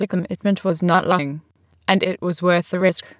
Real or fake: fake